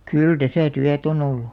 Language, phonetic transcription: Finnish, kyl 'täsä̀ 'tyät ‿on ‿ollu .
- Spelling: kyllä tässä työtä on ollut

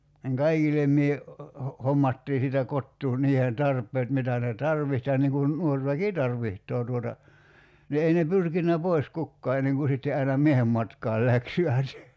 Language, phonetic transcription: Finnish, niŋ 'kaikilem mie , ho- , 'hommattii siitä 'kottuu 'niiheen "tarp̀eet 'mitä ne "tarviht ja niŋ kun 'nuor väki "tarviht̀oo tuota , ni 'ei ne 'pyrkinnä "pois 'kukkaa enneŋ ku sitte 'aina "miehem matkaal 'läkśivät .
- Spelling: niin kaikille minä - hommattiin siitä kotoa niiden tarpeet mitä ne tarvitsi ja niin kuin nuori väki tarvitsee tuota niin ei ne pyrkinyt pois kukaan ennen kuin sitten aina miehen matkaan läksivät

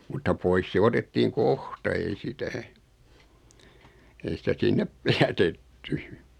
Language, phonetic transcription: Finnish, mutta 'pois se "otettiiŋ "kohta ei 'sitä , 'ei sitä 'sinnep , "jätetty .
- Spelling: mutta pois se otettiin kohta ei sitä ei sitä sinne jätetty

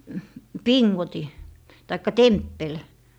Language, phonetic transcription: Finnish, "piŋŋoti , taikka "temppel .
- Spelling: pingotin tai temppeli

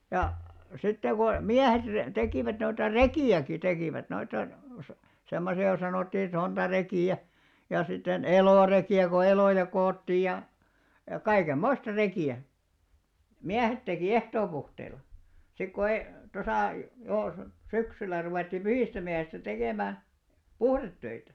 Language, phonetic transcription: Finnish, ja , 'sitte ko , "miähet re- 'tekìvät noita "rekì₍äki 'tekìvät noita , sa- 'semmosi₍a ko sanòttii 'sontarekì₍ä , ja sitten "elòrekì₍ä ko 'elòja koottii ja , ja 'kaikem"moista "reki₍ä , 'miähet tekì "ehtoopuhteil̆la , sik ko 'ei , 'tosà , 'jò , "syksyl̆lä ruvèttì "pyhìstä'miähistä 'tekèmää , "puhrettöitä .
- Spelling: ja sitten kun miehet - tekivät noita rekiäkin tekivät noita - semmoisia kun sanottiin sontarekiä ja sitten elorekiä kun eloja koottiin ja ja kaikenmoista rekiä miehet teki ehtoopuhteilla sitten kun ei tuossa jo syksyllä ruvettiin pyhistämiehistä tekemään puhdetöitä

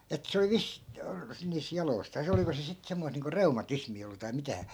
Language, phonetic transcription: Finnish, et 'se oli "vis- , niis 'jaloi̮staas 'oliko se sit 'semmois niiŋko "reuma'tismii ollu tai mitä .
- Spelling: että se oli - niissä jaloistaan oliko se sitten semmoista niin kuin reumatismia ollut tai mitä

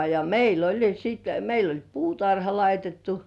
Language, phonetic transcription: Finnish, ja meil ‿oĺ - - siit meil ‿oĺ "puutarha 'laitettu .
- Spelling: ja meillä oli sitten meillä oli puutarha laitettu

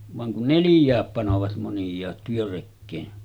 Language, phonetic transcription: Finnish, vaŋ kun "nelⁱj̀ääp panovat monj̀aat 'työrekkeen .
- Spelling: vaan kun neljää panevat moniaat työrekeen

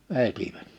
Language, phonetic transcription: Finnish, 'vetiᴠᴀ̈t .
- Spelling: vetivät

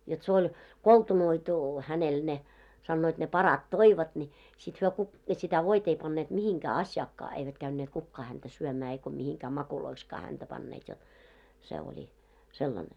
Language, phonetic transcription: Finnish, jot se oĺ 'koltunoitu hänel ne , sannoit ne "parat 'toivat ńi , sit hyö ku- , sitä 'voit ‿ei panneet 'mihiŋkää 'aśjaakkaa , eivät 'käynneet 'kukkaa häntä 'syömää eiko mihiŋkää 'makuloikskaa häntä panneet jot , se oĺi , 'sellane .
- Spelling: jotta se oli koltunoitu hänelle ne sanoivat ne parat toivat niin sitten he - sitä voita ei panneet mihinkään asiaankaan eivät käyneet kukaan häntä syömään eikä mihinkään mauiksikaan häntä panneet jotta se oli sellainen

